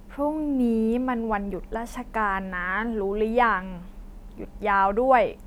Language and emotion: Thai, frustrated